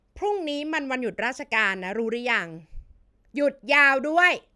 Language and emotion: Thai, angry